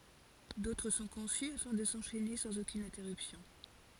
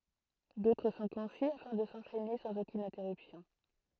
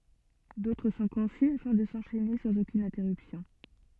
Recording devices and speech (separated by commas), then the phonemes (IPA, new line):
forehead accelerometer, throat microphone, soft in-ear microphone, read sentence
dotʁ sɔ̃ kɔ̃sy afɛ̃ də sɑ̃ʃɛne sɑ̃z okyn ɛ̃tɛʁypsjɔ̃